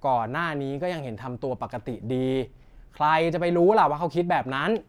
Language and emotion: Thai, frustrated